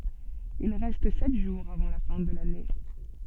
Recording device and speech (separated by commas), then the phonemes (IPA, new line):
soft in-ear microphone, read sentence
il ʁɛst sɛt ʒuʁz avɑ̃ la fɛ̃ də lane